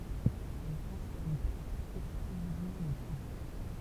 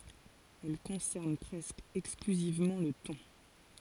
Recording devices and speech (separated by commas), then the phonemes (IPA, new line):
temple vibration pickup, forehead accelerometer, read sentence
ɛl kɔ̃sɛʁn pʁɛskə ɛksklyzivmɑ̃ lə tɔ̃